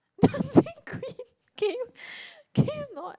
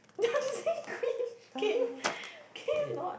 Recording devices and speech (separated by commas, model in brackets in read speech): close-talking microphone, boundary microphone, conversation in the same room